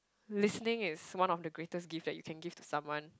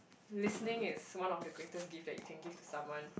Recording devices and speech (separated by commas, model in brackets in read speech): close-talking microphone, boundary microphone, conversation in the same room